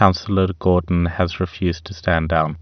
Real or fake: real